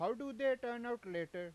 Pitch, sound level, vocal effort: 240 Hz, 97 dB SPL, loud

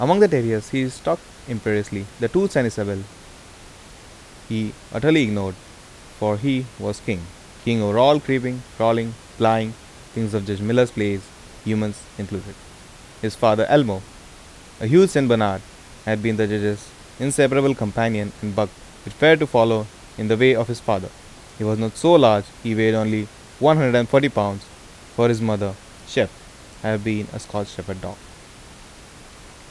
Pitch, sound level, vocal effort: 110 Hz, 84 dB SPL, normal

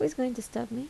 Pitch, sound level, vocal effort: 235 Hz, 75 dB SPL, soft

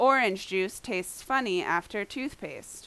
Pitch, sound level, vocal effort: 205 Hz, 89 dB SPL, very loud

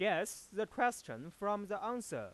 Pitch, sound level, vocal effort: 215 Hz, 97 dB SPL, loud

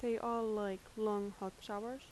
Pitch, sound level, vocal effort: 215 Hz, 83 dB SPL, soft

